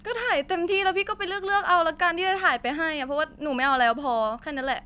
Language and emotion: Thai, frustrated